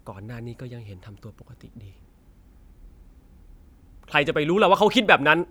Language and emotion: Thai, angry